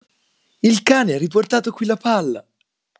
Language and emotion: Italian, happy